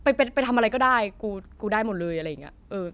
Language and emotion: Thai, frustrated